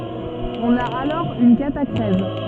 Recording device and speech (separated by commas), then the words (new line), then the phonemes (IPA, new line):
soft in-ear microphone, read sentence
On a alors une catachrèse.
ɔ̃n a alɔʁ yn katakʁɛz